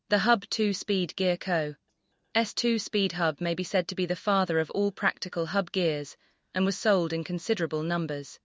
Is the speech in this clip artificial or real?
artificial